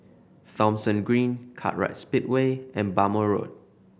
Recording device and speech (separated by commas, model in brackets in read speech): boundary microphone (BM630), read sentence